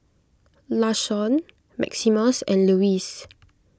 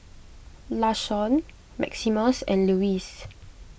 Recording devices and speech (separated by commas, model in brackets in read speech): close-talking microphone (WH20), boundary microphone (BM630), read sentence